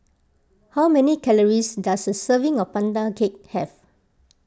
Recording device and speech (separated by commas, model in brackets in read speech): close-talking microphone (WH20), read sentence